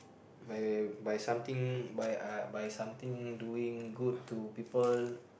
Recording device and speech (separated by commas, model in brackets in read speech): boundary microphone, conversation in the same room